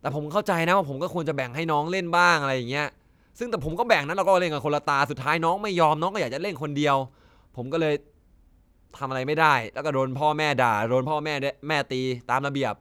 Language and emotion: Thai, frustrated